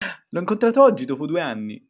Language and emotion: Italian, happy